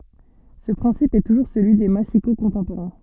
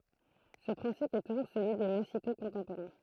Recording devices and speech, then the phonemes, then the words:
soft in-ear microphone, throat microphone, read sentence
sə pʁɛ̃sip ɛ tuʒuʁ səlyi de masiko kɔ̃tɑ̃poʁɛ̃
Ce principe est toujours celui des massicots contemporains.

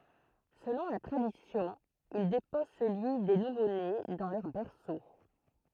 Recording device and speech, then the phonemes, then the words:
throat microphone, read sentence
səlɔ̃ la tʁadisjɔ̃ il depɔz səlyi de nuvone dɑ̃ lœʁ bɛʁso
Selon la tradition, il dépose celui des nouveaux-nés dans leur berceau.

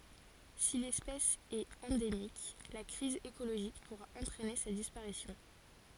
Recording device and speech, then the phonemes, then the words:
forehead accelerometer, read sentence
si lɛspɛs ɛt ɑ̃demik la kʁiz ekoloʒik puʁa ɑ̃tʁɛne sa dispaʁisjɔ̃
Si l'espèce est endémique, la crise écologique pourra entraîner sa disparition.

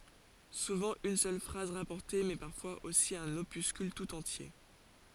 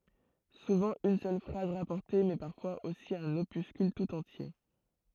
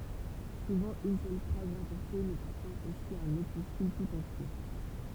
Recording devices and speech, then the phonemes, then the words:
forehead accelerometer, throat microphone, temple vibration pickup, read sentence
suvɑ̃ yn sœl fʁaz ʁapɔʁte mɛ paʁfwaz osi œ̃n opyskyl tut ɑ̃tje
Souvent une seule phrase rapportée mais parfois aussi un opuscule tout entier.

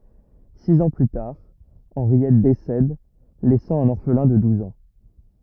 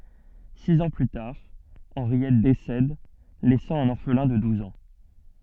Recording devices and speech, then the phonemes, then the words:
rigid in-ear microphone, soft in-ear microphone, read sentence
siz ɑ̃ ply taʁ ɑ̃ʁjɛt desɛd lɛsɑ̃ œ̃n ɔʁflɛ̃ də duz ɑ̃
Six ans plus tard, Henriette décède, laissant un orphelin de douze ans.

